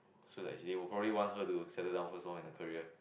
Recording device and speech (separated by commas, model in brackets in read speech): boundary microphone, conversation in the same room